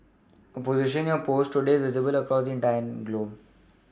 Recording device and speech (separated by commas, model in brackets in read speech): standing microphone (AKG C214), read sentence